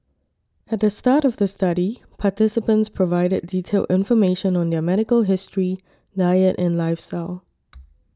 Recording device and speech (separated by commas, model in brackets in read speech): standing microphone (AKG C214), read sentence